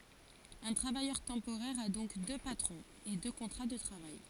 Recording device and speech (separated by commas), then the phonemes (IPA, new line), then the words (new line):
forehead accelerometer, read sentence
œ̃ tʁavajœʁ tɑ̃poʁɛʁ a dɔ̃k dø patʁɔ̃z e dø kɔ̃tʁa də tʁavaj
Un travailleur temporaire a donc deux patrons, et deux contrats de travail.